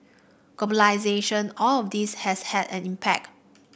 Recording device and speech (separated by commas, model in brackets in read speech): boundary microphone (BM630), read sentence